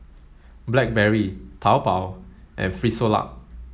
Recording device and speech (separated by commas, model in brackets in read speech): mobile phone (Samsung S8), read sentence